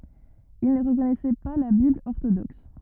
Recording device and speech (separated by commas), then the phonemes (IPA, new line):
rigid in-ear microphone, read sentence
il nə ʁəkɔnɛsɛ pa la bibl ɔʁtodɔks